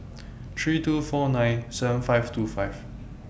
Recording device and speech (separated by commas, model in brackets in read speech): boundary microphone (BM630), read sentence